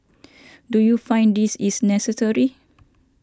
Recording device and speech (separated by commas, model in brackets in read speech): standing microphone (AKG C214), read sentence